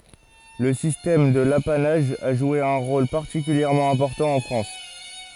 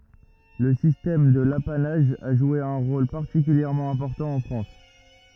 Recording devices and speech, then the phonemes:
forehead accelerometer, rigid in-ear microphone, read sentence
lə sistɛm də lapanaʒ a ʒwe œ̃ ʁol paʁtikyljɛʁmɑ̃ ɛ̃pɔʁtɑ̃ ɑ̃ fʁɑ̃s

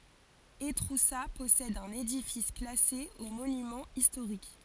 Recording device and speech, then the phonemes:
forehead accelerometer, read sentence
etʁusa pɔsɛd œ̃n edifis klase o monymɑ̃z istoʁik

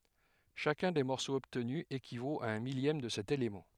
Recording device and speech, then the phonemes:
headset microphone, read sentence
ʃakœ̃ de mɔʁsoz ɔbtny ekivot a œ̃ miljɛm də sɛt elemɑ̃

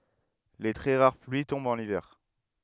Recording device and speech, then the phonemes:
headset microphone, read sentence
le tʁɛ ʁaʁ plyi tɔ̃bt ɑ̃n ivɛʁ

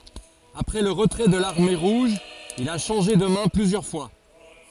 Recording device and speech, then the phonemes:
forehead accelerometer, read sentence
apʁɛ lə ʁətʁɛ də laʁme ʁuʒ il a ʃɑ̃ʒe də mɛ̃ plyzjœʁ fwa

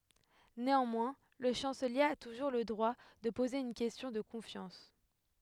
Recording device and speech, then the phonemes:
headset microphone, read sentence
neɑ̃mwɛ̃ lə ʃɑ̃səlje a tuʒuʁ lə dʁwa də poze yn kɛstjɔ̃ də kɔ̃fjɑ̃s

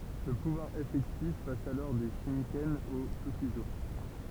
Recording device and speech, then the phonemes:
temple vibration pickup, read sentence
lə puvwaʁ efɛktif pas alɔʁ de ʃikɛn o tokyzo

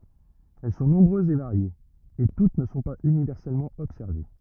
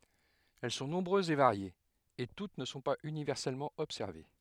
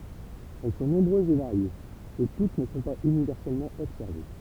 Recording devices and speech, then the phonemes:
rigid in-ear microphone, headset microphone, temple vibration pickup, read sentence
ɛl sɔ̃ nɔ̃bʁøzz e vaʁjez e tut nə sɔ̃ paz ynivɛʁsɛlmɑ̃ ɔbsɛʁve

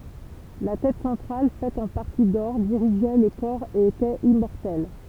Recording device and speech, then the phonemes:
temple vibration pickup, read sentence
la tɛt sɑ̃tʁal fɛt ɑ̃ paʁti dɔʁ diʁiʒɛ lə kɔʁ e etɛt immɔʁtɛl

